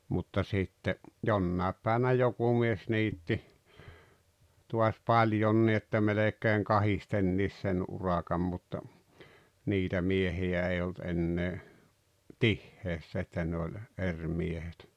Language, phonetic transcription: Finnish, mutta 'sitte , "jonnàep pä̀eʿᵛᵃ̈ʾnä "joku mies 'niitti , tuas "paĺjonni että 'melek̀eeŋ "kahistenniis sen 'urakam mutta , "niitä 'miehi₍ä ei olt 'ennee , "tihheessä että ne oĺ , 'er miehet .
- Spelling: mutta sitten jonain päivänä joku mies niitti taas paljonkin että melkein kahdestikin sen urakan mutta niitä miehiä ei ollut enää tiheässä että ne oli eri miehet

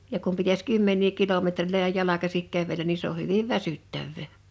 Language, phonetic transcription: Finnish, ja kum pitäs 'kymmeǹii 'kilometrilöjä 'jalakasik 'kävelän ni se ‿o 'hyviv "väsyttävvè .
- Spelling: ja kun pitäisi kymmeniä kilometrejä jalkaisin kävellä niin se on hyvin väsyttävää

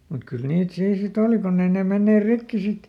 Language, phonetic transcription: Finnish, mut kyl ˈniit ˈsii si"t ‿òli ˈkunn ‿ei nè ˈmenneer "rikki ˈsit .
- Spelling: mutta kyllä niitä siinä sitten oli kun ei ne menneet rikki sitten

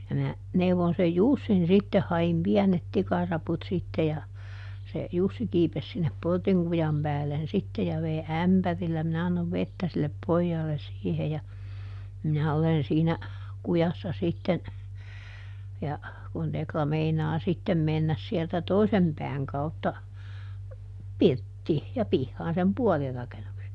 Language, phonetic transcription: Finnish, ja mä , ˈneuvon sej "Jussin ˈsitteh - ha₍im "piänet ˈtikaraput sitte ja , se ˈJussi kiipes sinnep ˈportiŋ kujam ˈpäällen sitte - ja ˈvei "ämpärillä ˈminä annov "vettä sillep ˈpojjaalles ˈsiihe ja , ˈminä olen siinä , ˈkujassa sitten , ja , kun ˈTekla "meinaa sitten ˈmennäs sieltä "toisem ˈpɛäŋ kautta , "pirttii , ja ˈpihhaan sem "puol rakenukse ,.
- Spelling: ja minä neuvoin sen Jussin sitten hain pienet tikaraput sitten ja se Jussi kiipesi sinne portin kujan päälle sitten ja vei ämpärillä minä annoin vettä sille pojalle siihen ja minä olen siinä kujassa sitten ja kun Tekla meinaa sitten mennä sieltä toisen pään kautta pirttiin ja pihaan sen puolen rakennuksen

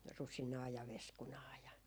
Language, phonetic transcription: Finnish, "rusinaa ja "veskunaa ja ,.
- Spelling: rusinaa ja veskunaa ja

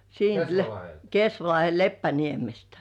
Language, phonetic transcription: Finnish, siint , 'Kesvalahe "Leppäniemestᴀ̈ .
- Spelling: siitä Kesvalahden Leppäniemestä

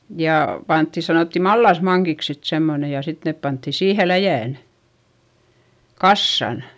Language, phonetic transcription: Finnish, jà , pantti - sanòtti mallasmaŋkiks sit semmone ja sit nep pantti siihe läjä̀n , kassan .
- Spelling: ja pantiin sanottiin mallasmankiksi sitten semmoinen ja sitten ne pantiin siihen läjään kasaan

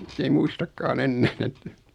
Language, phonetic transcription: Finnish, 's ‿ei 'muistakkaa"n ‿ennään ‿että ,.
- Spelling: se ei muistakaan enää että

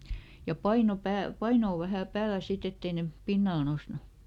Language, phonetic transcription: Finnish, ja "paino ˈpääl , "painoo ˈvähä̀ ˈpäälä ˈsit ‿ett ‿ei ne , ˈpinnal ˈnosnu .
- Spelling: ja paino päälle painoa vähän päälle sitten että ei ne pinnalle noussut

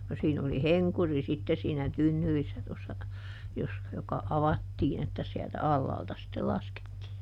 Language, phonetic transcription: Finnish, no ˈsiin ‿oli "heŋkuri sitte siinä ˈtynnyrissä tossa , jos- , joka "avattiin ‿että siältä "allaalta sittel ˈlaskettii .
- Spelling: no siinä oli henkuri sitten siinä tynnyrissä tuossa - joka avattiin että sieltä alhaalta sitten laskettiin

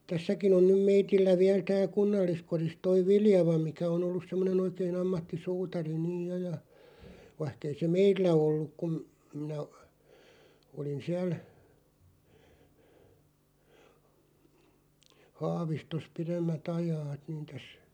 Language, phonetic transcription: Finnish, tässäkin ‿on nym 'meitillä viäl 'tääl̬ "kunnalliskoris 'toi "Viljava 'mikä o'n ‿ollus 'semmone'n ‿oikee'n ‿ammatti"suutari niij 'jo ja , 'vaⁱhk ‿ei se "meillä 'olluᵏ kum , minä , 'olin 'siäl 'Haavistos 'piremmät ‿'ajaat niin täs ,.
- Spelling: tässäkin on nyt meillä vielä täällä kunnalliskodissa tuo Viljava mikä on ollut semmoinen oikein ammattisuutari niin jo ja vaikka ei se meillä ollut kun minä olin siellä Haavistossa pidemmät ajat niin tässä

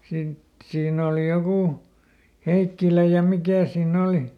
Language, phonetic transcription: Finnish, ˈsiin ‿òli ˈjokù , ˈHeikkilä ja ˈmikä̀ siin"n ‿òli .
- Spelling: siinä oli joku Heikkilä ja mikä siinä oli

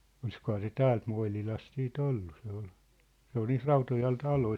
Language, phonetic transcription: Finnish, 'olⁱskohaa se "täält Moil̳ilast sii"t ‿ollu se ‿ol , 'se ‿on niit "Rautojal̳ 'taloi .
- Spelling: olisikohan se täältä Moinilasta sitten ollut se oli se on niitä Rautojan taloja

